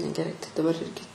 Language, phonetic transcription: Lithuanian, negeˈrai tai daˈbar ˈirgi

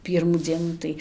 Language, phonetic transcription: Lithuanian, ˈpyrmų ˈdzienų tai

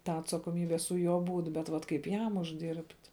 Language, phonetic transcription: Lithuanian, ˈtą atsakoˈmybe su ˈjuo ˈbūt bet ˈvat kaip ˈjam užˈdirbt'

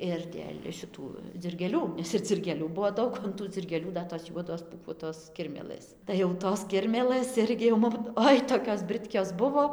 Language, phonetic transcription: Lithuanian, ir dėl' šiˈtų dzirgėˈlių ˈnes ir dzirgėˈlių ˈbuo ˈdaug o an ˈtų dzirgėˈlių ˈda tos ˈjuodos pūˈkuotos ˈkirmėlɘs tai jau ˈtos ˈkirmėlɘs ˈirgi jau ˈmum ˈoi tokios ˈbrɨtkios ˈbuvo

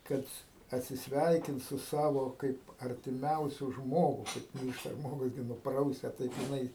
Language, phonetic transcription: Lithuanian, ˈkad atsisˈveikint su ˈsavo ˈkaip artiˈmiausiu ˈžmogu ˈkaip kaip ˈmyršta ˈžmogus ˈgi nuˈprausia ˈtaip jiˈnai

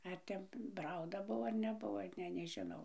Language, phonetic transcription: Lithuanian, ˈar ten ˈprauda ˈbuvo ar neˈbuvo ˈne neˈžinau

